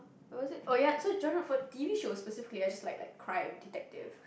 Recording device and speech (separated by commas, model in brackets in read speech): boundary microphone, conversation in the same room